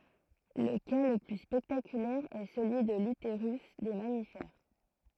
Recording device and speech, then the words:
throat microphone, read sentence
Le cas le plus spectaculaire est celui de l'utérus des mammifères.

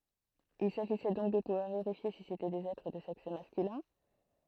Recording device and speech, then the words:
throat microphone, read sentence
Il s'agissait donc de pouvoir vérifier si c'étaient des êtres de sexe masculin.

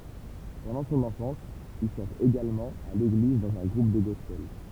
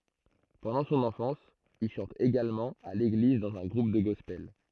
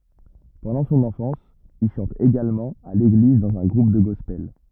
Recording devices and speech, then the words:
temple vibration pickup, throat microphone, rigid in-ear microphone, read sentence
Pendant son enfance, il chante également à l'église dans un groupe de gospel.

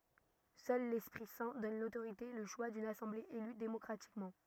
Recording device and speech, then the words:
rigid in-ear microphone, read sentence
Seul l'Esprit Saint donne l'autorité, et le choix d'une assemblée élue démocratiquement.

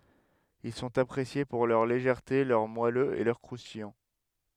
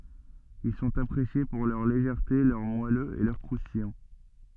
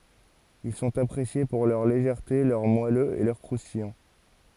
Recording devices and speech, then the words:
headset microphone, soft in-ear microphone, forehead accelerometer, read sentence
Ils sont appréciés pour leur légèreté, leur moelleux et leur croustillant.

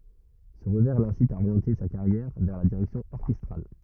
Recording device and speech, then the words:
rigid in-ear microphone, read sentence
Ce revers l'incite à orienter sa carrière vers la direction orchestrale.

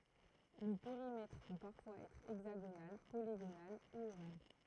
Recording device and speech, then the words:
throat microphone, read sentence
Le périmètre peut parfois être hexagonal, polygonal ou ovale.

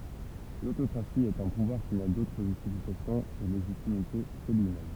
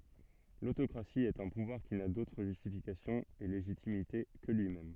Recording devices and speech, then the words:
temple vibration pickup, soft in-ear microphone, read sentence
L'autocratie est un pouvoir qui n'a d'autre justification et légitimité que lui-même.

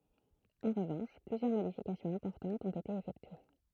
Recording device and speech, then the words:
throat microphone, read sentence
En revanche plusieurs modifications importantes ont été effectuées.

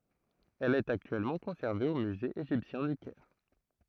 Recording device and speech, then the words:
throat microphone, read sentence
Elle est actuellement conservée au Musée égyptien du Caire.

